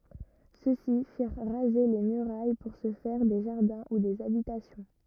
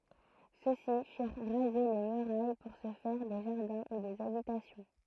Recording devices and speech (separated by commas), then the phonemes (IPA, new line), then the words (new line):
rigid in-ear microphone, throat microphone, read sentence
sø si fiʁ ʁaze le myʁaj puʁ sə fɛʁ de ʒaʁdɛ̃ u dez abitasjɔ̃
Ceux-ci firent raser les murailles pour se faire des jardins ou des habitations.